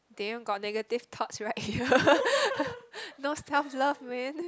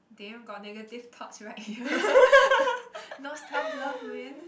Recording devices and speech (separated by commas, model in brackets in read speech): close-talking microphone, boundary microphone, conversation in the same room